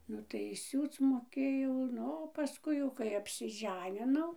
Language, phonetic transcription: Lithuanian, ˈnu tai ˈsiūc moˈkėjau ˈnu o paˈskui jau kai apsiˈženinau

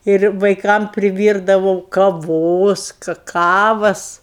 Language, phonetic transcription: Lithuanian, ˈir vaiˈkam priˈvyrdavau kaˈvos kaˈkavas

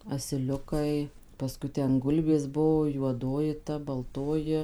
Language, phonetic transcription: Lithuanian, asiˈliukai paˈskui ˈten ˈgulbės ˈbuo juoˈdoji ta balˈtoji

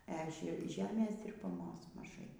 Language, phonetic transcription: Lithuanian, e ˈže ˈžemės dirbaˈmos maˈžai

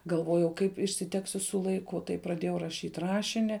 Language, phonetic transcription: Lithuanian, galˈvojau kaip išsiˈteksiu su laiˈku tai praˈdėjau raˈšyt' ˈrašini

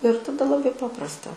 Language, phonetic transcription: Lithuanian, ir taˈda laˈbai ˈpaprasta

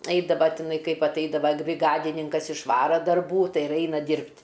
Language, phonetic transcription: Lithuanian, ˈaidava tiˈnai ˈkaip atˈaidava briˈgadininkas išˈvara darˈbų ˈtai ir ˈaina ˈdyrbt'

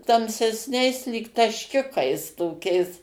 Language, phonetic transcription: Lithuanian, tamsesˈniais lyg tašˈkiukais toˈkiais

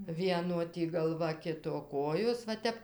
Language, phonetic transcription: Lithuanian, ˈvieno ˈtį galˈva ˈkito ˈkojos va ˈtep

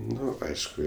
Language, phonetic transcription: Lithuanian, ˈnu ˈaišku

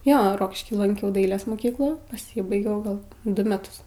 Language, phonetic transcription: Lithuanian, ˈjo ˈrokišky lanˈkiau ˈdailės moˈkyklų paˈsybaigiau gal ˈdu meˈtus

